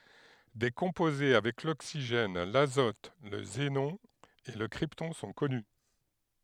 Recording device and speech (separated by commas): headset microphone, read sentence